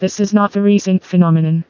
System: TTS, vocoder